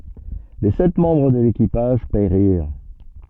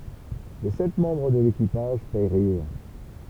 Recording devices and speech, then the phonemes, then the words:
soft in-ear microphone, temple vibration pickup, read sentence
le sɛt mɑ̃bʁ də lekipaʒ peʁiʁ
Les sept membres de l'équipage périrent.

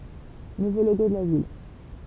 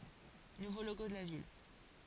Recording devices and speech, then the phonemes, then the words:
temple vibration pickup, forehead accelerometer, read sentence
nuvo loɡo də la vil
Nouveau logo de la ville.

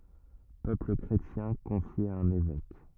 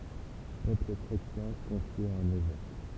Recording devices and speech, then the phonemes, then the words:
rigid in-ear microphone, temple vibration pickup, read sentence
pøpl kʁetjɛ̃ kɔ̃fje a œ̃n evɛk
Peuple chrétien confié à un évêque.

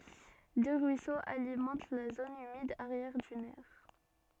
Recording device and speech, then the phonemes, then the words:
soft in-ear microphone, read sentence
dø ʁyisoz alimɑ̃t la zon ymid aʁjɛʁ dynɛʁ
Deux ruisseaux alimentent la zone humide arrière-dunaire.

